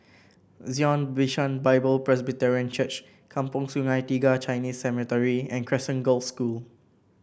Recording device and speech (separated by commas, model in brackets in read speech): boundary microphone (BM630), read sentence